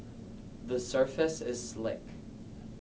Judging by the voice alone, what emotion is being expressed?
neutral